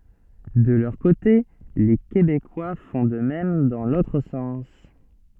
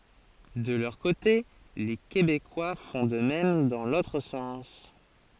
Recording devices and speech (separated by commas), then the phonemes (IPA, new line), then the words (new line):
soft in-ear microphone, forehead accelerometer, read sentence
də lœʁ kote le kebekwa fɔ̃ də mɛm dɑ̃ lotʁ sɑ̃s
De leur côté les Québécois font de même dans l’autre sens.